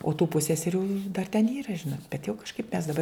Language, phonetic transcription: Lithuanian, o tų ˈpusseserių dar ten ˈyra ˈžinot bet jau kažˈkaip mes daˈbar

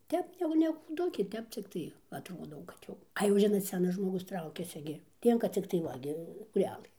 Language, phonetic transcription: Lithuanian, ˈtep jau ne kūˈdukė ˈtep cikˈtai jau atˈrodau kad ˈjau a jau ˈžinot ˈsenas žmoˈgus ˈtraukiasi gi ˈlienka ˈciktai ˈva gi skūˈrelɘ

